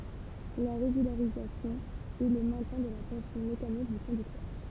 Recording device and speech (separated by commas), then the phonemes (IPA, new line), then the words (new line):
temple vibration pickup, read sentence
la ʁeɡylaʁizasjɔ̃ ɛ lə mɛ̃tjɛ̃ də la tɑ̃sjɔ̃ mekanik dy kɔ̃dyktœʁ
La régularisation est le maintien de la tension mécanique du conducteur.